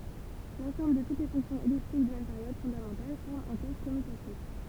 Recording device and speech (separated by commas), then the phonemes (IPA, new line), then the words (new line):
temple vibration pickup, read sentence
lɑ̃sɑ̃bl də tut le fɔ̃ksjɔ̃z ɛliptik də mɛm peʁjod fɔ̃damɑ̃tal fɔʁm œ̃ kɔʁ kɔmytatif
L'ensemble de toutes les fonctions elliptiques de mêmes périodes fondamentales forme un corps commutatif.